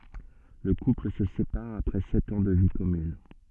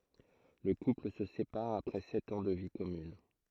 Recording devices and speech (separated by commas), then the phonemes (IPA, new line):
soft in-ear microphone, throat microphone, read sentence
lə kupl sə sepaʁ apʁɛ sɛt ɑ̃ də vi kɔmyn